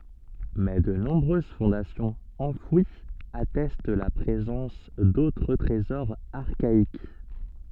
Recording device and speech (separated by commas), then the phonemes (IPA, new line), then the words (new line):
soft in-ear microphone, read sentence
mɛ də nɔ̃bʁøz fɔ̃dasjɔ̃z ɑ̃fwiz atɛst la pʁezɑ̃s dotʁ tʁezɔʁz aʁkaik
Mais de nombreuses fondations enfouies attestent la présence d'autres trésors archaïques.